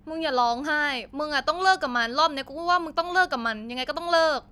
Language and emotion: Thai, frustrated